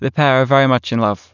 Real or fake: real